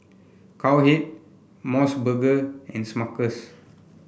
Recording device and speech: boundary microphone (BM630), read sentence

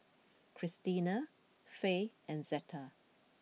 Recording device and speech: mobile phone (iPhone 6), read sentence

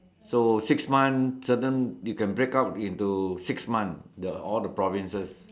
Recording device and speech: standing microphone, conversation in separate rooms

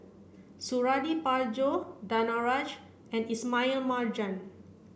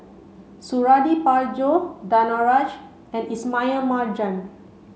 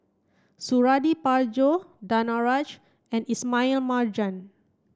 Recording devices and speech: boundary microphone (BM630), mobile phone (Samsung C5), standing microphone (AKG C214), read sentence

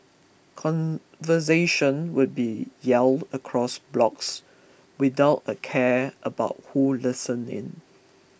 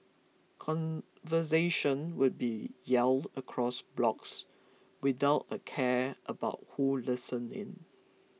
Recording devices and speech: boundary microphone (BM630), mobile phone (iPhone 6), read sentence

